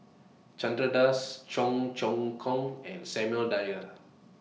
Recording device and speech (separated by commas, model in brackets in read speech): mobile phone (iPhone 6), read sentence